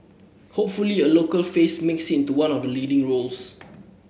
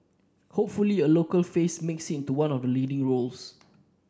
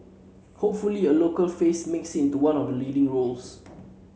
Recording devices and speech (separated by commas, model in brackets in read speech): boundary microphone (BM630), standing microphone (AKG C214), mobile phone (Samsung C7), read sentence